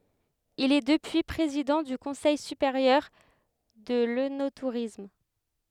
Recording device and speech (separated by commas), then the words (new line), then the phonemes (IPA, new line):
headset microphone, read sentence
Il est depuis président du Conseil supérieur de l'œnotourisme.
il ɛ dəpyi pʁezidɑ̃ dy kɔ̃sɛj sypeʁjœʁ də lønotuʁism